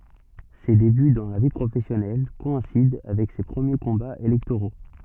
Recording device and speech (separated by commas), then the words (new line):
soft in-ear microphone, read sentence
Ses débuts dans la vie professionnelle coïncident avec ses premiers combats électoraux.